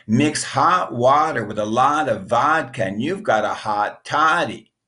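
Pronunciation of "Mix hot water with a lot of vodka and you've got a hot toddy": The sentence repeats the ah sound, heard in 'hot', 'lot', 'vodka', 'got' and 'toddy'.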